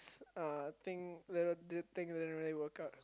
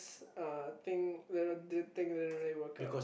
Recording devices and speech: close-talking microphone, boundary microphone, conversation in the same room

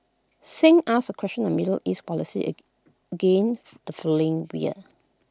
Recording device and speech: close-talking microphone (WH20), read sentence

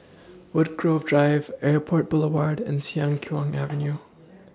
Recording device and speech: standing microphone (AKG C214), read sentence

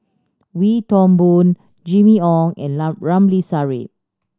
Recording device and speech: standing microphone (AKG C214), read sentence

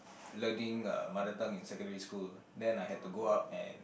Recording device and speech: boundary microphone, conversation in the same room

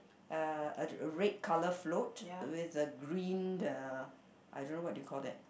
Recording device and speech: boundary microphone, conversation in the same room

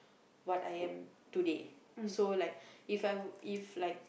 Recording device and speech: boundary microphone, conversation in the same room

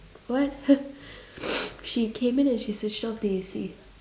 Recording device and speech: standing microphone, conversation in separate rooms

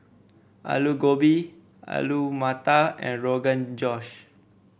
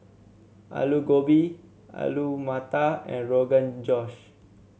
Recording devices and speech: boundary microphone (BM630), mobile phone (Samsung C7), read sentence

